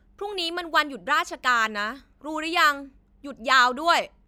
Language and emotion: Thai, angry